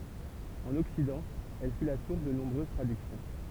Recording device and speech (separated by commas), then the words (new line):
temple vibration pickup, read sentence
En Occident, elle fut la source de nombreuses traductions.